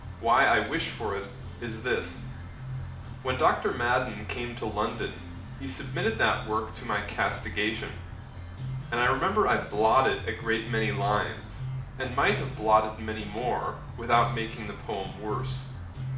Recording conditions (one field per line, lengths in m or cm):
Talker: one person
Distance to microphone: 2.0 m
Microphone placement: close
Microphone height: 99 cm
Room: medium-sized (5.7 m by 4.0 m)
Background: music